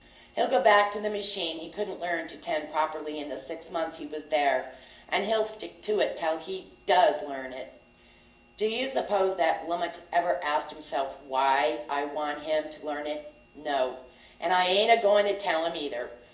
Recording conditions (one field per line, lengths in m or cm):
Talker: one person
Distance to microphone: 1.8 m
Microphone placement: close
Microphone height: 1.0 m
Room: large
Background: none